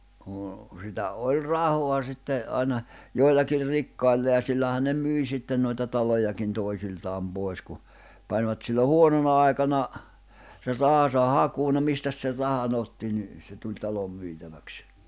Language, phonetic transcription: Finnish, (noo) , sitä 'oĺ "rahoa sitte , 'àina , 'joillakir 'rikkailla ja sillähän̆ ne "myi sitten noita 'talojakin 'toisiltaam 'poi̬s ku , panvat sillo "huonona ài̬kana , ser 'rahasa "hakuu no 'mistäs ser 'raha'n ‿otti ni , se tuĺ 'talo 'myitäväks .
- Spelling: no sitä oli rahaa sitten aina joillakin rikkailla ja sillähän ne myi sitten noita talojakin toisiltaan pois kun panivat silloin huonona aikana sen rahansa hakuun no mistäs sen rahan otti niin se tuli talo myytäväksi

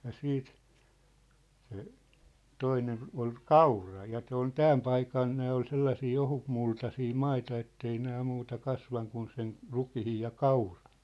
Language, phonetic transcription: Finnish, ja 'siit , se , 'toinen ol "kaura ja ᵗse ‿on "tääm paikan nää ol 'sellasii 'ohutmultasii 'maita ettei nää muuta 'kasvaŋ kun sen , 'rukihij ja "kaurᴀɴ .
- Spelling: ja sitten se toinen oli kaura ja se on tämän paikan nämä oli sellaisia ohutmultaisia maita että ei nämä muuta kasvanut kuin sen rukiin ja kauran

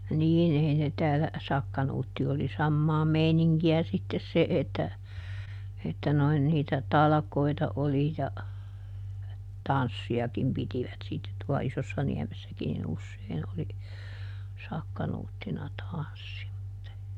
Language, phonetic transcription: Finnish, ˈniin ˈei ne ˈtäälä , ˈsakka-Nuutti oli ˈsammaa ˈmeiniŋki₍ä sittes ˈse että , että noin niitä "talᵃkoita ˈoli ja , "tanssi₍akim ˈpitivät sittet tua ˈIsossaniämessäkin niˈn ‿ussein oli , ˈsakka-Nuuttina ˈtanssi (mut e) .
- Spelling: niin ei ne täällä sakkanuutti oli samaa meininkiä sitten se että että noin niitä talkoita oli ja tanssiakin pitivät sitten tuo Isossaniemessäkin niin usein oli sakkanuuttina tanssi mutta ei

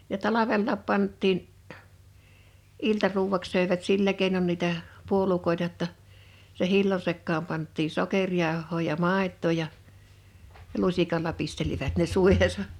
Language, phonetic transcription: Finnish, ja "talavellaap 'pant̆tiin , '’iltaruuw̆waks sö̀evät 'sillä kèinon nìtä , 'puolukòeta ‿tta , se 'hillo(n) sekkaam panttii 'sokeŕjàoh̆hoo ja 'màet̆too ja , (ja) 'lusikal̆la 'pistelivät ne 'sùihesa .
- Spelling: ja talvellakin pantiin iltaruuaksi söivät sillä keinoin niitä puolukoita jotta sen hillon sekaan pantiin sokerijauhoa ja maitoa ja ja lusikalla pistelivät ne suihinsa

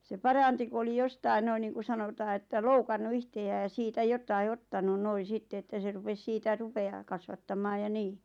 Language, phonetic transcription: Finnish, se "paranti ku oli 'jostai noin niiŋku 'sanotaa että 'loukannu "ihte₍ää ja 'siitä 'jotai "ot-tanu 'noi 'sitte että se 'rupes siitä 'rupe₍aa kasvattam̆maaj ja 'nii .
- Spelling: se paransi kun oli jostakin noin niin kuin sanotaan että loukannut itseään ja siitä jotakin ottanut noin sitten että se rupesi siitä rupeaa kasvattamaan ja niin

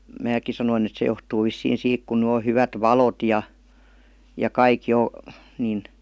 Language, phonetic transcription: Finnish, 'määk̆ki sanoin ‿et 'se johtuu vissiin 'siik kun ny o 'hyvät 'valot ja , ja "kaik 'jo , nin ,.
- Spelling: minäkin sanoin että se johtuu vissiin siitä kun nyt on hyvät valot ja ja kaikki jo niin

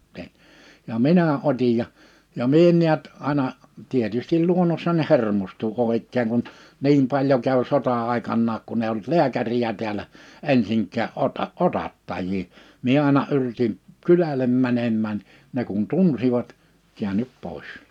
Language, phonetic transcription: Finnish, s̬e , ja "minä "otij ja , ja 'mie ‿ᵉn niät , àⁱna , 'tietystil 'luonossań 'hermostu(n) ko òik̆keeŋ kun , 'niim 'paĺjo käv 'sota₍'àekannaak kun ‿eiʲ ‿olt "liäkäriʲä 'tiälä , 'ensiŋk̀ä 'ota- , "otattajjii , 'mie àina yr(i)tim , "kylälem 'mänemmään , ne kun 'tunsivat , 'kiänyp 'pòis .
- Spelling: se ja minä otin ja ja minä en näet aina tietysti luonnossani hermostuin kun oikein kun niin paljon kävi sota-aikanakaan kun ei ollut lääkäriä täällä ensinkään - otattajia minä aina yritin kylälle menemään ne kun tunsivat käänny pois

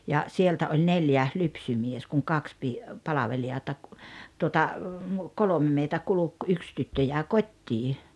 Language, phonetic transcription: Finnish, ja , 'sieltä oĺ "neljä , 'lypsymies kuŋ "kaks pi- , 'palaveli₍ata , tuota , "kolome meitä 'kuluk , "yks tyttö jä̀e "kot́t́ii .
- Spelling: ja sieltä oli neljä lypsymies kun kaksi - palvelijaa tuota kolme meitä kulki yksi tyttö jäi kotiin

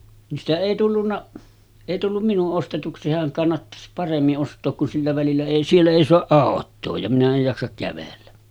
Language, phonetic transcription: Finnish, ni ‿stä 'èi tullunna , èi tullum 'minu’ ’ostetuksi 'sehäŋ kannattas 'paremmi’ ’ost̀ook kun 'sillä välillä èi "siellä èi soaˀ 'ˀàot̆too ja minä ej 'jaksak kävellä .
- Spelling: niin sitä ei tullut ei tullut minun ostetuksi sehän kannattaisi paremmin ostaa kun sillä välillä ei siellä ei saa autoa ja minä en jaksa kävellä

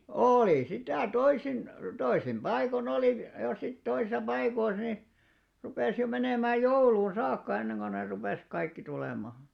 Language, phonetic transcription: Finnish, òli 'sitä 'toisin , 'toisim 'ʙaiko'n ‿oli , ja sit 'toisisa 'paikois ni , 'rupès jo 'menèmää "jouluun̬ 'saakka enneŋɢon ne rupès 'kaikki 'tulèmà .
- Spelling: oli sitä toisin toisin paikoin oli ja sitten toisissa paikoissa niin rupesi jo menemään jouluun saakka ennen kuin ne rupesi kaikki tulemaan

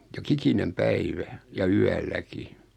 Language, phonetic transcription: Finnish, 'jo"kiki-nem "päivä , ja 'yälläki .
- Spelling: joka ikinen päivä ja yölläkin

